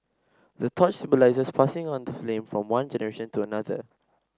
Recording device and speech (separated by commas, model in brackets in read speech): standing microphone (AKG C214), read sentence